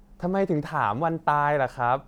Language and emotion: Thai, frustrated